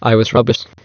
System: TTS, waveform concatenation